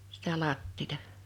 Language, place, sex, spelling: Finnish, Liperi, female, sitä lattiaa
- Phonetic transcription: sɪtä 'làttiita .

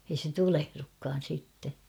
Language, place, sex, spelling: Finnish, Kauhava, female, ei se tulehdukaan sitten
- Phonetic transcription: ei se 'tulehrukkaan̬ sitte .

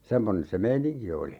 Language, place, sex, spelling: Finnish, Urjala, male, semmoinen se meininki oli
- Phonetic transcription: 'semmonen se "meiniŋki oli .

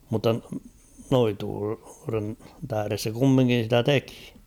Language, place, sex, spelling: Finnish, Kauhava, male, mutta noituuden tähden se kumminkin sitä teki
- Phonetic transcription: mutta 'noituuren tähᵃ̈res se 'kummiŋkin̬ sitä "tekɪ .

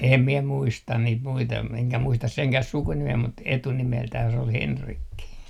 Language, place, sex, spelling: Finnish, Artjärvi, male, en minä muista niitä muita enkä muista senkään sukunimeä mutta etunimeltään se oli Henrikki
- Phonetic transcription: em miɛ 'muistan niit muita eŋkä 'muistas 'seŋkäh "sukunimee mut 'etunimeltäh se ol "Henrikki .

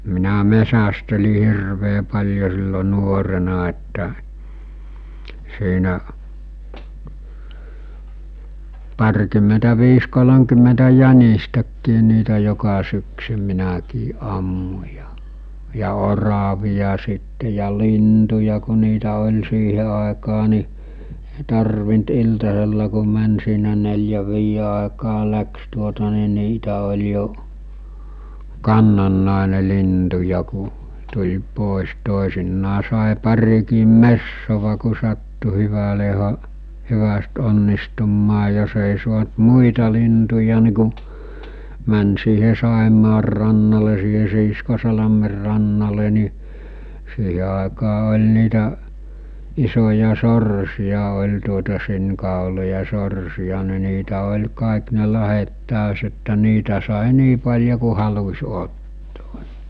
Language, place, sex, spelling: Finnish, Mikkeli, male, minä metsästelin hirveän paljon silloin nuorena että siinä parikymmentäviisi kolmekymmentä jänistäkin niitä joka syksy minäkin ammuin ja ja oravia sitten ja lintuja kun niitä oli siihen aikaan niin ei tarvinnut iltasella kun meni siinä neljän viiden aikaan lähti tuota niin niitä oli jo kannannainen lintuja kun tuli pois toisinaan sai parikin metsoa kun sattui hyvälle - hyvästi onnistumaan jos ei saanut muita lintuja niin kun meni siihen Saimaan rannalle siihen Siiskosalmen rannalle niin siihen aikaan oli niitä isoja sorsia oli tuota sinikauloja sorsia niin niitä oli kaikki ne lahdet taas että niitä sai niin paljon kuin halusi ottoo
- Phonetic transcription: minä 'mesästeli 'hirvee pal̜jo sillo 'nuorena että , siinä’ , 'par-kymmentä'viis 'kolomkymmentä "jänistäkkii niitä joka syksy minäkii 'ˀammu͕ ja , ja 'oravija sitte ja 'lintuja ku̬ niitä oĺ siihe àekaa ni , èi 'tarvint 'iltasella ku män siinä 'nel̜jäv 'viije àekaa 'läks tuota ni 'niitä oĺ jo , 'kannannàene 'lintuja ku , tuĺ 'pòes 'tòesinnaa sàe 'parikiim "messova ku sattu 'hyväle ha- , 'hyväst 'onnistummaa jos ‿èi suant 'muita lintuja ni ku , män siihe 'Sàemaar rannale siihe Siiskoalamer rannale nì , siihe àekaa ol̜ nitä , 'isoja 'sorsi₍a oĺ tuota 'sin̳kàoloja 'sorsi₍a ni niitä oĺ 'kàik ne 'lahet "tä̀ös että 'niitä sàe 'nii paĺjo ku halus̜ 'ottoo .

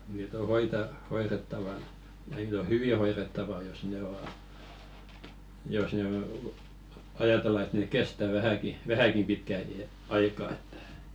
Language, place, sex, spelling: Finnish, Velkua, male, niitä on - hoidettavana niitä on hyvin hoidettava jos ne on jos ne ajatellaan että ne kestää vähänkin vähänkin pitkän iän aikaa että
- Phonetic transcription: 'niit ‿o hoita- , 'hoirettavana , 'niit ‿o "hyvi 'hoirettava jos 'ne o , jos nee , 'ajatella et nèk "kestä 'vähäki , "vähäkim 'pitkä i₍ä , 'aikaa ᴇttᴀ̈ .

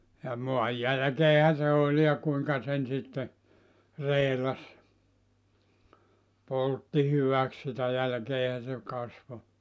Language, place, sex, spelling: Finnish, Joutsa, male, ja maan jälkeenhän se oli ja kuinka sen sitten reilasi poltti hyväksi sitä jälkeenhän se kasvoi
- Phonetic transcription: ja 'moaj 'jälᵃ̈keehä se oĺ ja 'kuiŋka sen sitte , 'reelas , 'poltti 'hyväk 'sitä jälkeehä se 'kasvo .

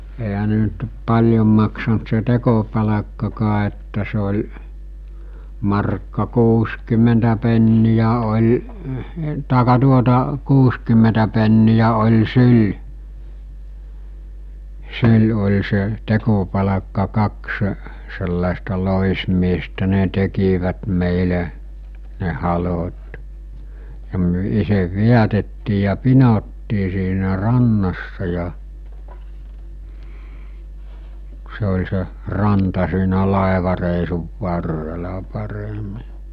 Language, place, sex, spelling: Finnish, Mikkeli, male, eihän ne nyt paljon maksanut se tekopalkkaakaan että se oli markka kuusikymmentä penniä oli tai tuota kuusikymmentä penniä oli syli syli oli se tekopalkka kaksi sellaista loismiestä ne tekivät meille ne halot ja me itse vedätettiin ja pinottiin siinä rannassa ja se oli se ranta siinä laivareissun varrella paremmin
- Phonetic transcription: eɦä ne nyt , 'paĺjom maksant se 'tekopalakkakaa että se oĺ , markka 'kuuskym̀entä pennijä oĺ , tàe[k]ka tuota , 'kuuskymmentä pennijä oĺ 'syl , 'syl oĺ se , 'tekopalakka kaksᵊ , sellàesta 'lòismiestä 'ne tekivät mèile , ne 'halot , ja myᵒ̈ 'isev "viätettii ja "pinottii siinä "rannassa ja , se oĺ se , 'ranta siinä 'làevarèisuv 'varrela paremi .

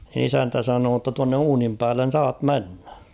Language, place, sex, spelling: Finnish, Kauhava, male, isäntä sanoi jotta tuonne uunin päälle saat mennä
- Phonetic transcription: isäntä 'sanoo ‿tta » tuanne 'uunim päällen̬ "saat 'mennᴀ̈ « .

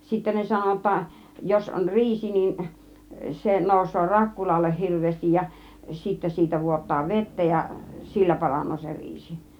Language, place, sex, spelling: Finnish, Kiihtelysvaara, female, sitten ne sanoi jotta jos on riisi niin se nousee rakkulalle hirveästi ja sitten siitä vuotaa vettä ja sillä paranee se riisi
- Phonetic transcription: 'sittä ne 'sano °tta , jos on "riisi nin , 'se 'nòus̆soo "rakkulalleh 'hirv̆veestij ja sittä 'siitä 'vuot̆taa "vettä ja , "sillä 'paran̆noo se 'riisi .

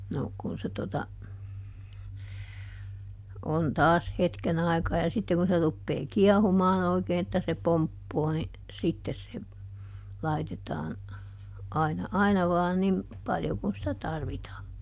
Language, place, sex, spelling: Finnish, Juupajoki, female, no kun se tuota on taas hetken aikaa ja sitten kun se rupeaa kiehumaan oikein että se pomppaa niin sitten se laitetaan aina aina vain niin paljon kuin sitä tarvitaan
- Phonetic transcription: ˈno , kun se tota , on ˈtaas ˈhetken ‿ai̮kaa ja ˈsitte kun se ˈruppee "kiɛhumaan ‿oikeen ‿että se ˈpomppoo ni , ˈsittes se , ˈlaitetaan , aina ˈaina vaa ˈnim , ˈpaljo kun sitä ˈtarvitaa .

